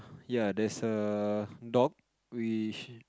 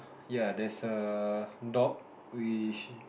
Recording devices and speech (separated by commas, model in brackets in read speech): close-talking microphone, boundary microphone, conversation in the same room